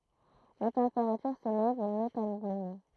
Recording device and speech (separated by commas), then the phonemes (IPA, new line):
throat microphone, read sentence
la tɑ̃peʁatyʁ selɛv notabləmɑ̃